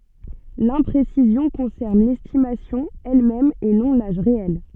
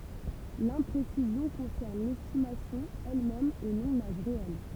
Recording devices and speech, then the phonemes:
soft in-ear microphone, temple vibration pickup, read sentence
lɛ̃pʁesizjɔ̃ kɔ̃sɛʁn lɛstimasjɔ̃ ɛlmɛm e nɔ̃ laʒ ʁeɛl

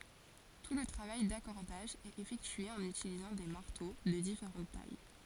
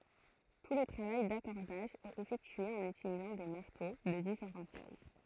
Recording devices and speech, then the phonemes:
forehead accelerometer, throat microphone, read sentence
tu lə tʁavaj dakɔʁdaʒ ɛt efɛktye ɑ̃n ytilizɑ̃ de maʁto də difeʁɑ̃t taj

